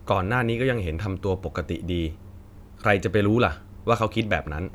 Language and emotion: Thai, neutral